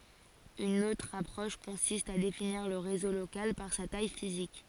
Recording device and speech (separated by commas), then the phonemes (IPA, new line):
forehead accelerometer, read sentence
yn otʁ apʁɔʃ kɔ̃sist a definiʁ lə ʁezo lokal paʁ sa taj fizik